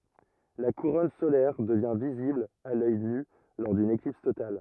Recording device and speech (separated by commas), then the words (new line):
rigid in-ear microphone, read sentence
La couronne solaire devient visible à l’œil nu lors d’une éclipse totale.